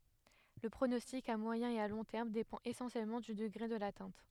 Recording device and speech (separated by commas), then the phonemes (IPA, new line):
headset microphone, read sentence
lə pʁonɔstik a mwajɛ̃ e a lɔ̃ tɛʁm depɑ̃t esɑ̃sjɛlmɑ̃ dy dəɡʁe də latɛ̃t